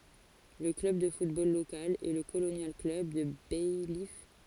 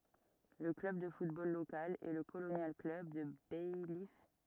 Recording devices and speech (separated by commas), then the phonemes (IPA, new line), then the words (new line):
forehead accelerometer, rigid in-ear microphone, read sentence
lə klœb də futbol lokal ɛ lə kolonjal klœb də bajif
Le club de football local est le Colonial Club de Baillif.